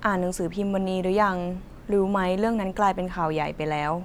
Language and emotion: Thai, neutral